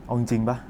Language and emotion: Thai, frustrated